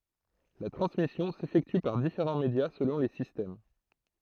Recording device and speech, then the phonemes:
throat microphone, read sentence
la tʁɑ̃smisjɔ̃ sefɛkty paʁ difeʁɑ̃ medja səlɔ̃ le sistɛm

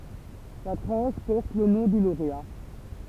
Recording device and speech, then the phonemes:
temple vibration pickup, read sentence
la tʁɑ̃ʃ pɔʁt lə nɔ̃ dy loʁea

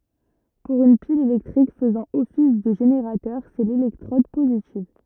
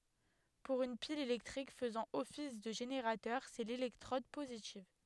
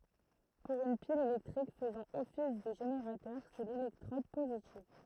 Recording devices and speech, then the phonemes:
rigid in-ear microphone, headset microphone, throat microphone, read sentence
puʁ yn pil elɛktʁik fəzɑ̃ ɔfis də ʒeneʁatœʁ sɛ lelɛktʁɔd pozitiv

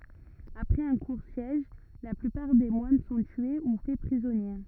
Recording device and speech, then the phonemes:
rigid in-ear microphone, read sentence
apʁɛz œ̃ kuʁ sjɛʒ la plypaʁ de mwan sɔ̃ tye u fɛ pʁizɔnje

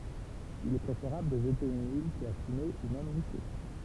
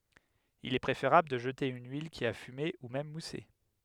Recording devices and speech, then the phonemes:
temple vibration pickup, headset microphone, read sentence
il ɛ pʁefeʁabl də ʒəte yn yil ki a fyme u mɛm muse

